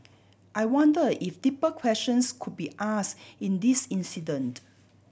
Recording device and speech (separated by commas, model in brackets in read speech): boundary microphone (BM630), read sentence